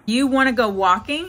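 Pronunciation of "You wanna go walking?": In the yes or no question 'You wanna go walking?', the tone goes up.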